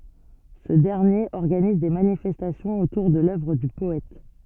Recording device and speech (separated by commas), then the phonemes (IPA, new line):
soft in-ear microphone, read sentence
sə dɛʁnjeʁ ɔʁɡaniz de manifɛstasjɔ̃z otuʁ də lœvʁ dy pɔɛt